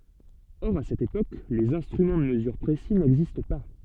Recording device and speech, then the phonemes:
soft in-ear microphone, read sentence
ɔʁ a sɛt epok lez ɛ̃stʁymɑ̃ də məzyʁ pʁesi nɛɡzist pa

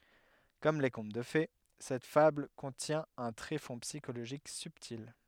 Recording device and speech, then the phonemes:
headset microphone, read sentence
kɔm le kɔ̃t də fe sɛt fabl kɔ̃tjɛ̃ œ̃ tʁefɔ̃ psikoloʒik sybtil

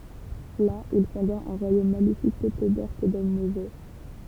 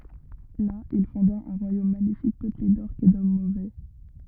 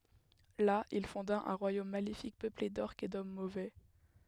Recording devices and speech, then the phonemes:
temple vibration pickup, rigid in-ear microphone, headset microphone, read sentence
la il fɔ̃da œ̃ ʁwajom malefik pøple dɔʁkz e dɔm movɛ

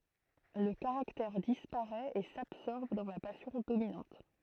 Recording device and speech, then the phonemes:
throat microphone, read sentence
lə kaʁaktɛʁ dispaʁɛt e sabsɔʁb dɑ̃ la pasjɔ̃ dominɑ̃t

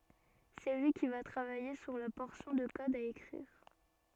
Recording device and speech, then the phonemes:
soft in-ear microphone, read sentence
sɛ lyi ki va tʁavaje syʁ la pɔʁsjɔ̃ də kɔd a ekʁiʁ

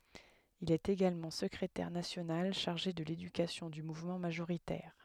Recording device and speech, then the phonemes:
headset microphone, read sentence
il ɛt eɡalmɑ̃ səkʁetɛʁ nasjonal ʃaʁʒe də ledykasjɔ̃ dy muvmɑ̃ maʒoʁitɛʁ

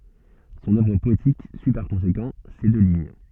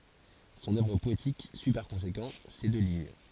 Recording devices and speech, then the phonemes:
soft in-ear microphone, forehead accelerometer, read sentence
sɔ̃n œvʁ pɔetik syi paʁ kɔ̃sekɑ̃ se dø liɲ

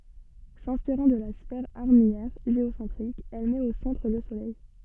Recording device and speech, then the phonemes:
soft in-ear microphone, read sentence
sɛ̃spiʁɑ̃ də la sfɛʁ aʁmijɛʁ ʒeosɑ̃tʁik ɛl mɛt o sɑ̃tʁ lə solɛj

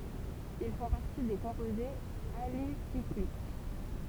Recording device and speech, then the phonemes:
temple vibration pickup, read sentence
il fɔ̃ paʁti de kɔ̃pozez alisiklik

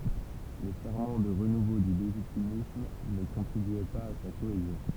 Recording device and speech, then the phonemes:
temple vibration pickup, read sentence
le fɛʁmɑ̃ də ʁənuvo dy leʒitimism nə kɔ̃tʁibyɛ paz a sa koezjɔ̃

